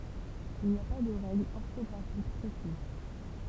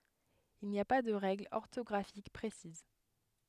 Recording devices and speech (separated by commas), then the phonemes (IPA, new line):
temple vibration pickup, headset microphone, read sentence
il ni a pa də ʁɛɡlz ɔʁtɔɡʁafik pʁesiz